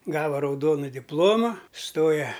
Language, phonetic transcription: Lithuanian, ˈgava rauˈdonu dipˈloma ˈstoja

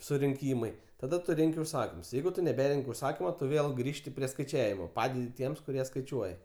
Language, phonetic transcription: Lithuanian, surinˈkymai taˈda ˈtu ˈrenki užˈsakims ˈjeigu tu neˈberenk' užˈsakimu ˈtu ˈvėl ˈgrįžti prie skaiˈčiavimo ˈpadedi ˈtiems kuˈrie skaiˈčiuoja

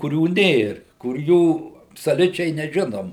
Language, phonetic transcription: Lithuanian, kuˈrių ˈnėr kur ˈjų absoˈliučiai neˈžinom

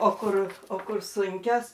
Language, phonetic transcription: Lithuanian, o ˈkur o ˈkur ˈsunkios

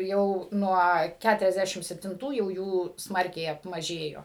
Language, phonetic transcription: Lithuanian, ˈjau ˈnuo ˌkæturiasˈdæšim septinˈtų jau ˈjų ˈsmarkiai apmaˈžėjo

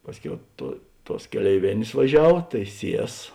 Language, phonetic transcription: Lithuanian, ˈpasˌkiau tuo ˈtuos keleiˈvėnės vaˈžiav tai ˈsies

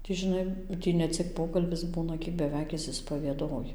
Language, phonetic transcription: Lithuanian, tį žiˈnai ˈtį neˈcik ˈpokalbis ˈbūna ˈkiek beˈveik ˌišsispavieˈdoji

